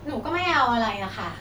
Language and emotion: Thai, frustrated